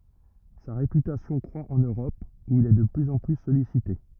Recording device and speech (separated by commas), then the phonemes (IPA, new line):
rigid in-ear microphone, read sentence
sa ʁepytasjɔ̃ kʁwa ɑ̃n øʁɔp u il ɛ də plyz ɑ̃ ply sɔlisite